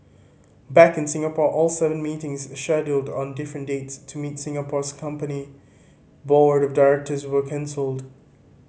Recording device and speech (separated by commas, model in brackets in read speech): mobile phone (Samsung C5010), read sentence